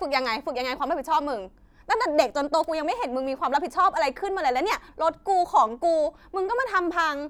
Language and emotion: Thai, angry